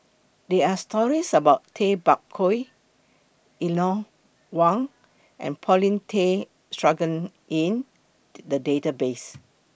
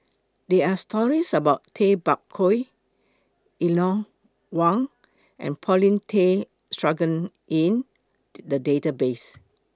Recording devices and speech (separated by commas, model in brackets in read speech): boundary microphone (BM630), close-talking microphone (WH20), read sentence